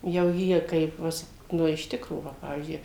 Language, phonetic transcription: Lithuanian, jau ˈjie ˈkaip ˈvis ˈnu iš ˈtikro ˈva ˈpavyzdžiui

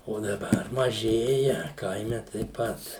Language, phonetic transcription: Lithuanian, o daˈbar maˈžėja ˈkaime taip ˈpat

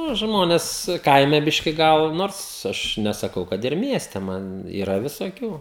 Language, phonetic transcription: Lithuanian, ˈnu ˈžmones ˈkaime ˈbiški ˈgal ˈnors ˈaš nesaˈkau ˈkad ir ˈmieste ˈman yˈra visoˈkių

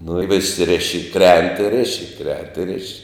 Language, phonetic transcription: Lithuanian, nu i vis ˈriši i ˈkrent i ˈriši ˈkrent i ˈriši

